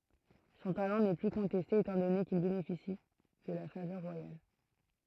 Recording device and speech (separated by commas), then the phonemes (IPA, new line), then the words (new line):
throat microphone, read sentence
sɔ̃ talɑ̃ nɛ ply kɔ̃tɛste etɑ̃ dɔne kil benefisi də la favœʁ ʁwajal
Son talent n'est plus contesté étant donné qu'il bénéficie de la faveur royale.